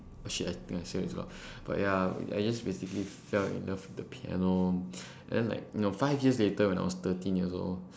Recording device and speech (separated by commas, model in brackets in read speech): standing microphone, conversation in separate rooms